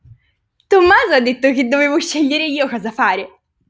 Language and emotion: Italian, happy